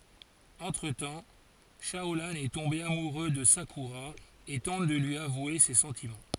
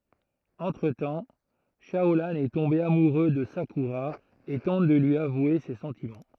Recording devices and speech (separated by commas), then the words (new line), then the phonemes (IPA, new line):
forehead accelerometer, throat microphone, read sentence
Entre-temps, Shaolan est tombé amoureux de Sakura et tente de lui avouer ses sentiments.
ɑ̃tʁ tɑ̃ ʃaolɑ̃ ɛ tɔ̃be amuʁø də sakyʁa e tɑ̃t də lyi avwe se sɑ̃timɑ̃